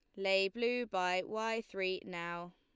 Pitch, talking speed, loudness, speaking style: 190 Hz, 155 wpm, -36 LUFS, Lombard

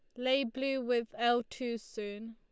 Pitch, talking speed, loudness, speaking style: 240 Hz, 170 wpm, -34 LUFS, Lombard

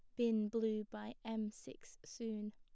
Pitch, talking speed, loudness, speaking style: 220 Hz, 155 wpm, -41 LUFS, plain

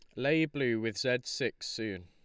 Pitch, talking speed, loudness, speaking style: 115 Hz, 195 wpm, -32 LUFS, Lombard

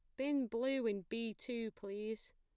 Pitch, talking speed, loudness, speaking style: 225 Hz, 165 wpm, -40 LUFS, plain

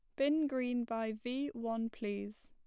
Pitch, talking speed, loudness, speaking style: 235 Hz, 160 wpm, -37 LUFS, plain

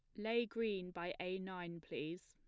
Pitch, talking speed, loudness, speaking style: 180 Hz, 175 wpm, -43 LUFS, plain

